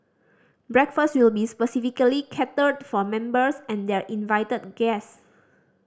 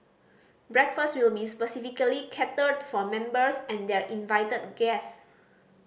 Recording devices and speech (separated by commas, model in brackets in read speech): standing microphone (AKG C214), boundary microphone (BM630), read sentence